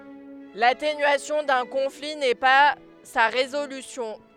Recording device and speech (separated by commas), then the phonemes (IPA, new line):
headset microphone, read sentence
latenyasjɔ̃ dœ̃ kɔ̃fli nɛ pa sa ʁezolysjɔ̃